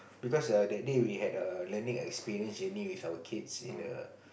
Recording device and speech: boundary microphone, conversation in the same room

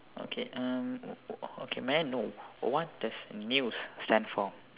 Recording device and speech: telephone, conversation in separate rooms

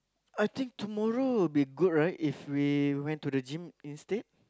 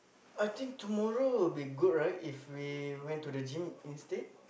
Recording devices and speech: close-talking microphone, boundary microphone, conversation in the same room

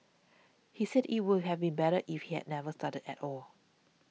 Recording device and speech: mobile phone (iPhone 6), read sentence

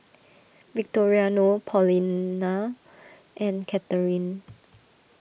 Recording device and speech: boundary microphone (BM630), read sentence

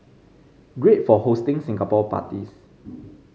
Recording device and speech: mobile phone (Samsung C5010), read sentence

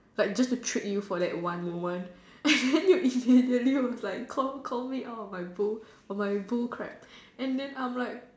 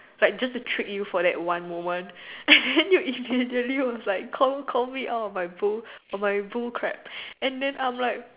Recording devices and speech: standing microphone, telephone, conversation in separate rooms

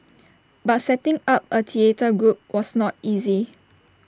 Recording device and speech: standing microphone (AKG C214), read sentence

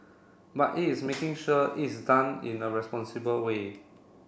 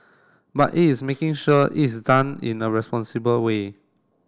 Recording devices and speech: boundary microphone (BM630), standing microphone (AKG C214), read sentence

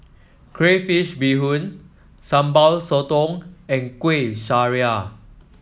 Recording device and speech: mobile phone (iPhone 7), read sentence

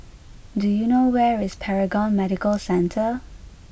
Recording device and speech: boundary microphone (BM630), read sentence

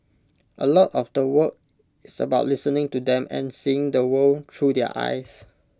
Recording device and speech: close-talking microphone (WH20), read sentence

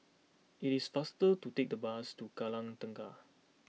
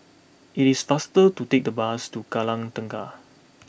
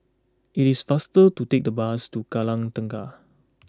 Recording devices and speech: mobile phone (iPhone 6), boundary microphone (BM630), close-talking microphone (WH20), read sentence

